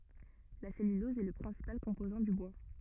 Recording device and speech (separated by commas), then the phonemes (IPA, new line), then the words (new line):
rigid in-ear microphone, read sentence
la sɛlylɔz ɛ lə pʁɛ̃sipal kɔ̃pozɑ̃ dy bwa
La cellulose est le principal composant du bois.